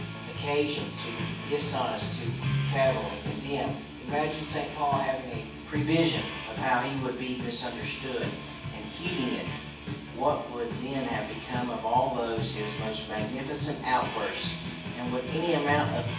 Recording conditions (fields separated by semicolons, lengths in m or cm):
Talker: one person; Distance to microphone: 9.8 m; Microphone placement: far; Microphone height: 1.8 m; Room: large; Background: music